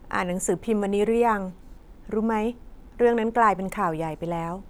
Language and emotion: Thai, neutral